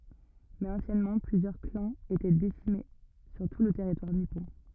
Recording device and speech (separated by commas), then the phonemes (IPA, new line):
rigid in-ear microphone, read sentence
mɛz ɑ̃sjɛnmɑ̃ plyzjœʁ klɑ̃z etɛ disemine syʁ tu lə tɛʁitwaʁ nipɔ̃